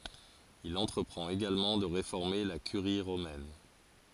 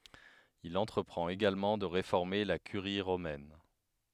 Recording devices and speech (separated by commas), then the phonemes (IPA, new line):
forehead accelerometer, headset microphone, read sentence
il ɑ̃tʁəpʁɑ̃t eɡalmɑ̃ də ʁefɔʁme la kyʁi ʁomɛn